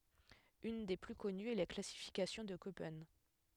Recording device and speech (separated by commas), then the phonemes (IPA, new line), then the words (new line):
headset microphone, read sentence
yn de ply kɔnyz ɛ la klasifikasjɔ̃ də kopɛn
Une des plus connues est la classification de Köppen.